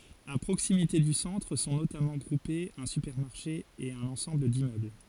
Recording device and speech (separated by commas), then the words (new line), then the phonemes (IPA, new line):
forehead accelerometer, read sentence
A proximité du centre sont notamment groupés un supermarché et un ensemble d’immeubles.
a pʁoksimite dy sɑ̃tʁ sɔ̃ notamɑ̃ ɡʁupez œ̃ sypɛʁmaʁʃe e œ̃n ɑ̃sɑ̃bl dimmøbl